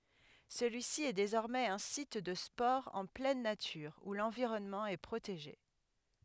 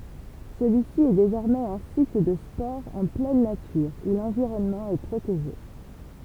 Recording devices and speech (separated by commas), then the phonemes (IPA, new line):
headset microphone, temple vibration pickup, read sentence
səlyisi ɛ dezɔʁmɛz œ̃ sit də spɔʁz ɑ̃ plɛn natyʁ u lɑ̃viʁɔnmɑ̃ ɛ pʁoteʒe